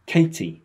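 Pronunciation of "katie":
'Katie' is said the British way, with a strong t sound in the middle, not a short d sound.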